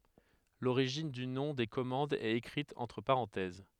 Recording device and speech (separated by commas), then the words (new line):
headset microphone, read sentence
L'origine du nom des commandes est écrite entre parenthèses.